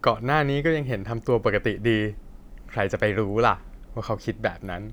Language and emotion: Thai, neutral